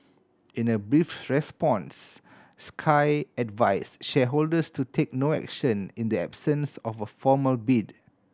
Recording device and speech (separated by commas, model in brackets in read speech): standing microphone (AKG C214), read sentence